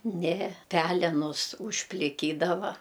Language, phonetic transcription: Lithuanian, ˈne ˈpelenus užpliˈkydava

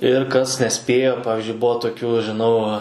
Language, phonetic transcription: Lithuanian, ir kas neˈspėjo ˈpavizdžiui ˈbuo toˈkių žiˈnau

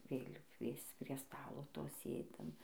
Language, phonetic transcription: Lithuanian, ˈvėlių ˈkviesc prie ˈstalo ˈto ˈsėdim

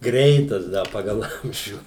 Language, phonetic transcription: Lithuanian, ˈgreitas ˈda ˈpagal ˈamžių

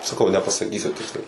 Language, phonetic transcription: Lithuanian, saˈkau nepasaˈkysiu ˈtiksliai

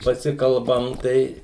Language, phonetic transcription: Lithuanian, paˈsikalbam ˈtai

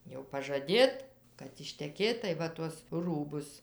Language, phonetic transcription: Lithuanian, jau pažaˈdėt kad išteˈkėt tai ˈva tuos ˈrūbus

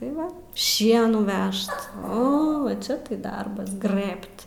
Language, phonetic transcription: Lithuanian, tai ˈva ˈšienų ˈvežt ˈo va ˈčia tai ˈdarbas ˈgrɘbt

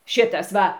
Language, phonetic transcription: Lithuanian, ˈšitas ˈva

